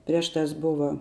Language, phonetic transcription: Lithuanian, ˈprieš ˌtās ˈbuva

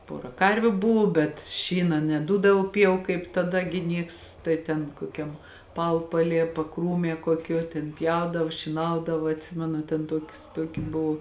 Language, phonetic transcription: Lithuanian, ˈpora ˈkarviu ˈbuvu bet ˈšyna neˈdūdavo ˈpjau kaip taˈda gi ˈnieks ˈtai ten koˈkiam ˈpaupaˌlie paˈkrūmie kuoˈkiuo tėn ˈpjaudav šyˈnaudava atˈsimenu ten ˈtuokius ˈtuoki ˈbuv

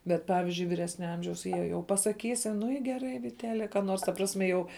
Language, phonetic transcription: Lithuanian, ˈbet ˈpavizdžiui viˈresnia ˈamžiaus ˈjie jau pasaˈkysi ˈnu i geˈrai viteˈtele ką ˈnors ta ˈprasme jau

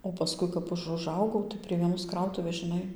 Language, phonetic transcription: Lithuanian, o paˈskui kap ˈaš uˈžaugau tai prie vieˈnos ˈkrautuvės žiˈnai

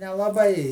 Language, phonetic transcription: Lithuanian, nelaˈbai

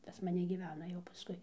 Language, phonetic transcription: Lithuanian, pas maˈne gyˈvena jau paˈskui

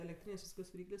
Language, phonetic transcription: Lithuanian, elekˈtrynės' viˈsokios viˈryklės

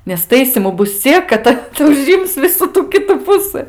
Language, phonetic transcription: Lithuanian, nes ˈtaisymu ˈbus ˈciek kad ˈtas uˈžims ˈvisų ˈtų ˈkitų ˈpusɨ

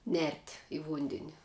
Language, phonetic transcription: Lithuanian, nert' i ˈvundeni

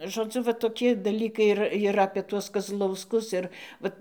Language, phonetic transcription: Lithuanian, žoˈdzu va toˈki daˈlykai ir ir apie ˈtuos kazlausˈkus ˈir ˈvat

